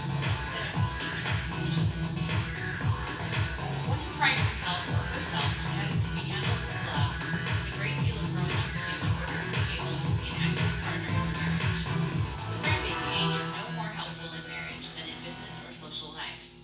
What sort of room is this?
A sizeable room.